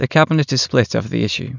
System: none